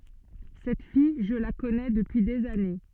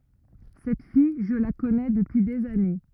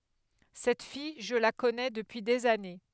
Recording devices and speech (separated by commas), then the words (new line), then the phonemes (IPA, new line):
soft in-ear microphone, rigid in-ear microphone, headset microphone, read sentence
Cette fille, je la connais depuis des années.
sɛt fij ʒə la kɔnɛ dəpyi dez ane